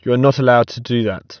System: none